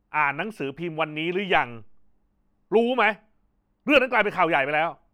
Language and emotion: Thai, angry